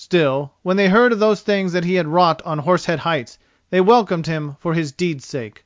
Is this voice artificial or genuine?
genuine